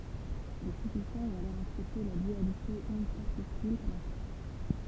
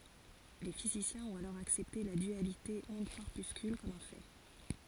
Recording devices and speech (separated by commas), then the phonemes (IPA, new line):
temple vibration pickup, forehead accelerometer, read sentence
le fizisjɛ̃z ɔ̃t alɔʁ aksɛpte la dyalite ɔ̃dkɔʁpyskyl kɔm œ̃ fɛ